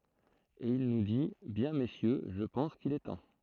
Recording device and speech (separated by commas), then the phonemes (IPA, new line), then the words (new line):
throat microphone, read sentence
e il nu di bjɛ̃ mesjø ʒə pɑ̃s kil ɛ tɑ̃
Et il nous dit, “Bien messieurs, je pense qu’il est temps.